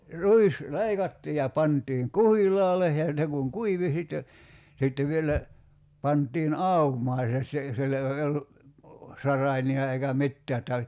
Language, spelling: Finnish, ruis leikattiin ja pantiin kuhilaalle ja ne kun kuivui sitten sitten vielä pantiin aumaan se - silloin ei ollut saraimia eikä mitään että
- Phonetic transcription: 'ruis , "leikattii ja 'pantiiŋ "kuhil̀aale , ja 'ne kuŋ "kuivi sitte , sittev vielä , 'pant̀iin "aumaa se si- , 'sillo ei ollu , 'saraini₍a eikä "mittää että ,.

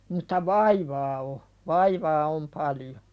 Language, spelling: Finnish, mutta vaivaa on vaivaa on paljon
- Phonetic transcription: mut̀a "vaivaa o , "vaivaa om 'paljo .

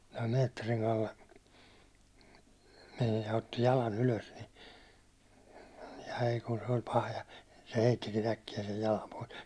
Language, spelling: Finnish, ja Meetterin Kalle meni ja otti jalan ylös niin ai kun se oli paha ja se heittikin äkkiä sen jalan pois
- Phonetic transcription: ja 'meetteriŋ kalle , mej ja otti 'jalan ylös ni , 'ai kun se oĺ 'paha ja , se 'heittikin ‿äkkijä sej 'jalam pois .

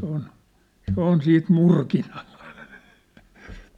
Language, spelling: Finnish, se on se on siitä murkinalla
- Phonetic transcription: sĕ ‿ŏn , 'se ‿on 'siit "murkinᴀʟʟᴀ .

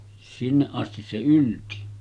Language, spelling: Finnish, sinne asti se ylsi
- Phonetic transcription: 'sinneˀ ˀastis se 'ylti .

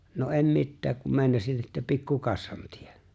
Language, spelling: Finnish, no en mitään kun meinasin että pikku kassan teen
- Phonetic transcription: » no '’em "mittääk kum 'mèi̬nasin että 'pikku "kassan 'tiᴇ[ɴ] « .

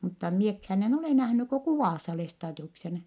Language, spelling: Finnish, mutta minäkään en ole nähnyt kuin kuvassa Lestadiuksen
- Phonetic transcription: mutta miekhään ‿en ole nähnyk ko kuvàssa Lestaadiuksen .

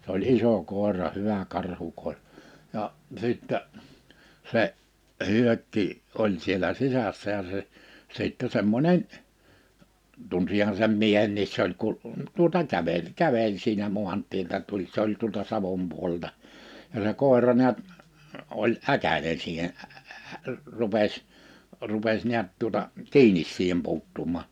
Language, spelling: Finnish, se oli iso koira hyvä karhukoira ja sitten se Hyökki oli siellä sisässä ja se sitten semmoinen tunsinhan sen miehenkin se oli - tuota käveli käveli siinä maantieltä tuli se oli tuolta Savon puolelta ja se koira näet oli äkäinen siihen - - - - rupesi rupesi näet tuota kiinni siihen puuttumaan
- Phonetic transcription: s ‿oĺ 'iso 'kòera 'hyvä 'karhu-kòerᵃ , 'ja , 'sìttä , 'se , 'Hyökki , 'oĺ sielä 'sisässä ja se , 'sìttɛ 'semmońen , 'tunsihan̬ sem 'miehenniis se ‿oĺ kul- , 'tuᵒta 'kävel , 'käveĺ siinä 'mu̬ant̀ieltä tuĺ 'se ‿oĺ tuolta 'Savom 'puol(el)ta , ja se 'kòera 'niät , 'oĺ '’äkänen siihen , ᴀ̈- , ᴀ̈- , ᴀ̈- , ᴀ̈- , 'rupes , 'rupes 'niät tuota , "kiinis 'siihem 'puuttum̀à .

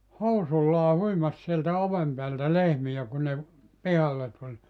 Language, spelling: Finnish, housuillaan huimasi sieltä oven päältä lehmiä kun ne - pihalle tuli
- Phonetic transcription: "housullaa 'huimas sieltä 'ovem peältä "lehmiʲä kun ne ‿v- , "pihalle tuĺ .

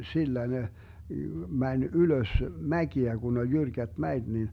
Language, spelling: Finnish, sillä ne meni ylös mäkiä kun oli jyrkät mäet niin
- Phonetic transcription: 'sillä ne , 'mäń "ylös "mäkiä 'Gun ‿oĺ 'jyrkät "mäet nin , .

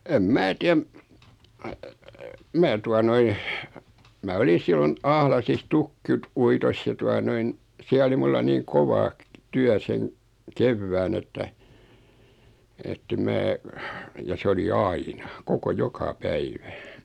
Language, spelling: Finnish, en minä tiedä minä tuota noin minä oli silloin Ahlaisissa - uitossa ja tuota noin siellä oli minulla niin kova työ sen kevään että että en minä ja se oli aina koko joka päivä
- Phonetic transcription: em 'mää tiäm , 'mää tua 'noin , mä 'oli 'sillon , 'Ahlasis 'tukkit- , -'uitos ja 'tua noin , 'siä oli 'mulla niiŋ "kova , 'tyä 'seŋ , "kevvään ‿että , ettem 'mää , ja 'se oli "aina , 'koko "joka "päivä .

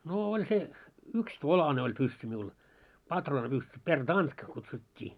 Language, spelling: Finnish, no oli se yksitolainen oli pyssy minulla patruunapyssy pertanka kutsuttiin
- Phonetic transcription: noo 'oĺ se , 'yks"tolane oĺ 'pyssy miul , 'patroonapyssy , per'tanᴅka kutsut́t́ii .

